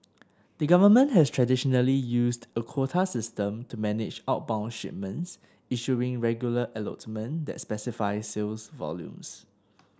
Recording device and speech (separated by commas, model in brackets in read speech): standing microphone (AKG C214), read sentence